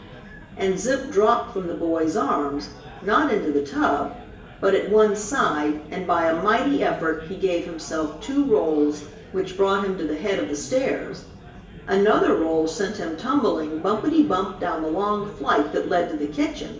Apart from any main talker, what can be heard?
Crowd babble.